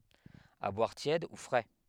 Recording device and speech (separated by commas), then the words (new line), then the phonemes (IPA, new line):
headset microphone, read sentence
À boire tiède ou frais.
a bwaʁ tjɛd u fʁɛ